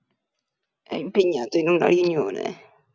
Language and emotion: Italian, disgusted